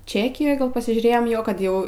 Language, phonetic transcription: Lithuanian, ˈčekijoj ˈgal pasižiūˈrėjom ˈjo kad ˈjau

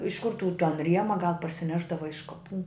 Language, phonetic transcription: Lithuanian, iš kur tų tan ˈriema gal parsiˈnešdava iš kaˈpų

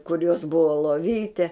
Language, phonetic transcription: Lithuanian, kur jos ˈbuvo loˈvyte

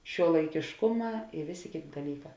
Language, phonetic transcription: Lithuanian, šiuolaikėšˈkuˌmā i ˈvėˌsė ˈkėˌtė daˈlyˌkā

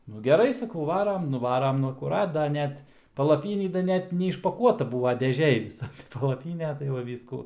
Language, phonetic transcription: Lithuanian, nu geˈrai saˈkau ˈvaram nuˈvaram ˈnu akuˈrat da ˈnet palaˈpynį da ˈnet neišpaˈkuota ˈbūva deˈžėj ˈvisa tai palaˈpyne tai va ˈvyskų

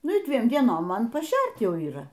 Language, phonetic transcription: Lithuanian, ˈnu ˈdviem dieˈnom ˈman paˈšert ˈjau yˈra

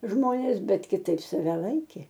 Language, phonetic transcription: Lithuanian, ˈžmonės ˈbet kiˈtaip saˈve ˈlaikė

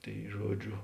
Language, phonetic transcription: Lithuanian, ˈtai ˈžuoˌdžio

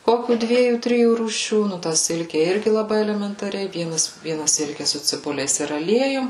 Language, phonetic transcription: Lithuanian, ˈkokių ˈdviejų ˈtrijų rūˈšių ˈnu tą ˈsilke ˈirgi laˈbai elementaˈriai ˈvienas ˈviena ˈsilke su ciˈbuliais ir aˈliejum

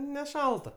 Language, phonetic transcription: Lithuanian, neˈšalta

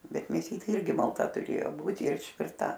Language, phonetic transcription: Lithuanian, ˈbet mėˈsytė ˈirgi malˈta tuˈrėjo ˈbūti ir išˈvirta

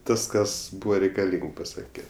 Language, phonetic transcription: Lithuanian, ˈtas ˈkas ˈbūva reikaˈlyng paˈsake

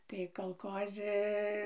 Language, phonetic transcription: Lithuanian, tai kalˈkozi

